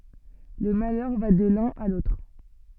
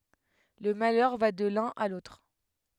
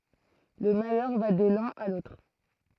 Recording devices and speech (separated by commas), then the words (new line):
soft in-ear microphone, headset microphone, throat microphone, read sentence
Le malheur va de l'un à l'autre.